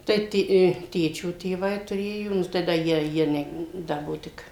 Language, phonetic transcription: Lithuanian, ˈtai ti i ˈtėčio tėˈvai tuˈrėjo ˈnu tai ˈda ˈjie ˈjie ne ˈda ˈbuo ˈtik

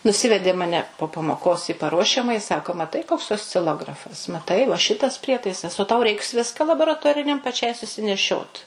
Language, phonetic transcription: Lithuanian, nuˈsivedė maˈne po pamoˈkos į paˈruošiamaji i ˈsako maˈtai koks osciˈlografas maˈtai va ˈšitas ˈprietaisas o tau ˈreiks ˈviska laboraˈtoriniam paˈčiai susineˈšiot

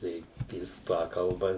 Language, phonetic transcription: Lithuanian, ˈtai ˈjis ˈpakalba

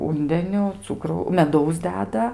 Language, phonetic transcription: Lithuanian, ˈūndeniu ˈcukrau meˈdaus ˈdeda

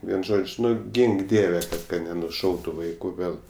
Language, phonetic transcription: Lithuanian, ˈvien ˈžodž' ˈnu ˈgink ˈdieve ka nenuˈšautu ˈvaiku ˈgal

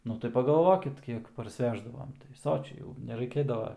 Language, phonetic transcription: Lithuanian, ˈnu tai pagaˈlvokit ˈkiek parsˈveždavom tai ˈsočiai jau neraiˈkėdava

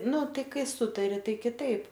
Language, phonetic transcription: Lithuanian, ˈnu ˈtai ˈkai ˈsutari ˈtai kiˈtaip

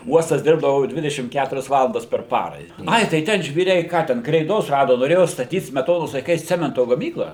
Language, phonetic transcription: Lithuanian, ˈuostas ˈdirbdavu ˈdvidešim ˈkæturias ˈvalandas per ˈpara i ˈai tai ˈten žvyˈriai ˈką ten kreiˈdos ˈrado noˈrėjo staˈtyt smeˈtonos laiˈkais ˈcemento gaˈmyklą

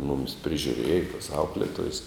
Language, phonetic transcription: Lithuanian, mumis prižiuˈrėja tos ˈaukletojes

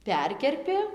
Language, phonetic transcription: Lithuanian, ˈperkerpi

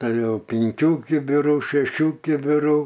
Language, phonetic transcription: Lithuanian, ˈtai ˈjau pinˈkių kibiˈrų šeˈšių kibiˈrų

